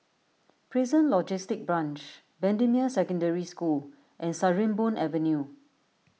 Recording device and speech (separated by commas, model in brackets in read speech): mobile phone (iPhone 6), read sentence